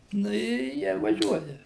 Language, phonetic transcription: Lithuanian, ˈnu i ˈjie ir vaˈžiuoja

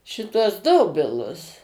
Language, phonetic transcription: Lithuanian, šiˈtuos ˈdobilus

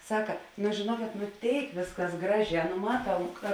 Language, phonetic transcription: Lithuanian, ˈsaka nu žėˈnuokėt nu ˈtėik ˈvėsˌkas ˈgraˌžē nu ˈmaˌtau ka

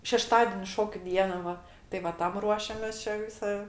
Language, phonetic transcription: Lithuanian, šeˈštadeni ˈšokiu ˈdiena ˈva tai va ˈtam ˈruošiamės ˈčia ˈvisa

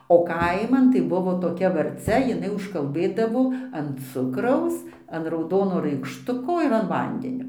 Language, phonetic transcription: Lithuanian, o ˈkaiman tai ˈbuvo toˈkia varˈcia jiˈnai užkalˈbɘdavo an ˈcukraus an rauˈdono raikšˈtuko ir an ˈvandenio

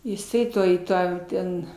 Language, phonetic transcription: Lithuanian, jiˈsai ˈtoj ˈtą ˈten

